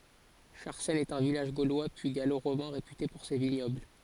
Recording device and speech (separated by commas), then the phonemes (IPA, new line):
forehead accelerometer, read sentence
ʃaʁsɛn ɛt œ̃ vilaʒ ɡolwa pyi ɡalo ʁomɛ̃ ʁepyte puʁ se viɲɔbl